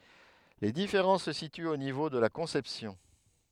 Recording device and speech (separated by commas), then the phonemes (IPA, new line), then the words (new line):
headset microphone, read sentence
le difeʁɑ̃s sə sityt o nivo də la kɔ̃sɛpsjɔ̃
Les différences se situent au niveau de la conception.